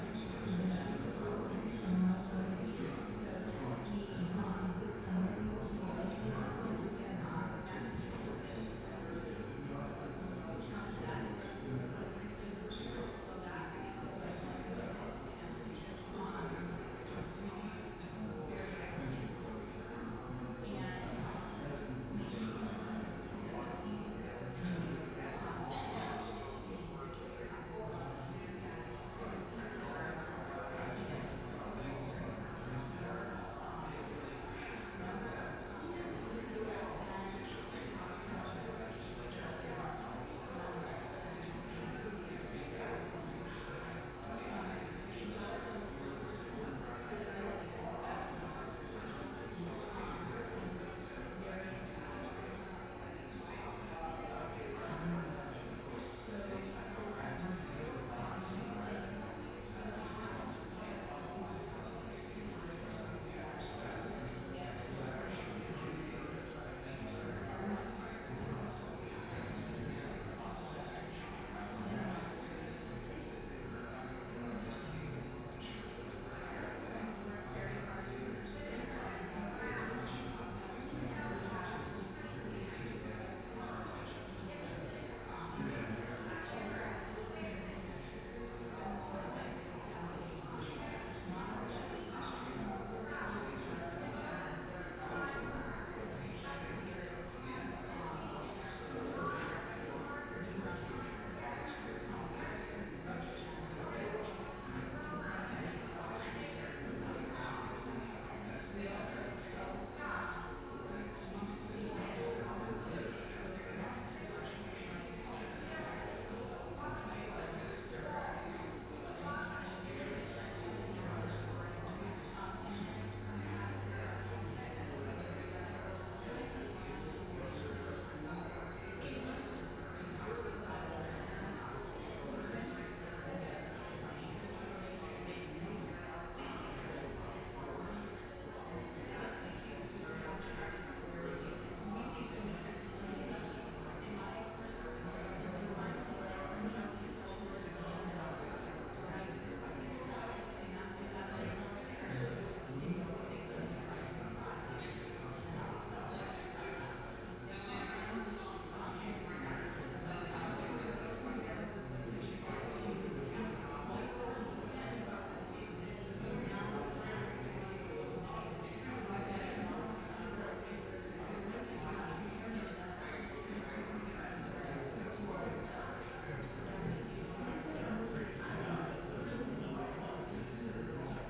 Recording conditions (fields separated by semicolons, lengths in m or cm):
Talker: no one; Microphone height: 71 cm; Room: very reverberant, large; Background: babble